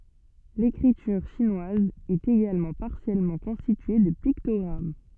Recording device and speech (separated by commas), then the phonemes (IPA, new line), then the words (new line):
soft in-ear microphone, read sentence
lekʁityʁ ʃinwaz ɛt eɡalmɑ̃ paʁsjɛlmɑ̃ kɔ̃stitye də piktɔɡʁam
L'écriture chinoise est également partiellement constituée de pictogrammes.